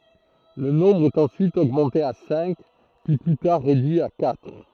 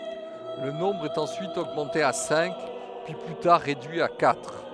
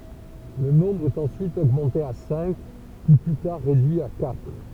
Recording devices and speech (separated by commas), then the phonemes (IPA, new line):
throat microphone, headset microphone, temple vibration pickup, read sentence
lə nɔ̃bʁ ɛt ɑ̃syit oɡmɑ̃te a sɛ̃k pyi ply taʁ ʁedyi a katʁ